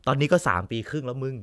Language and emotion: Thai, neutral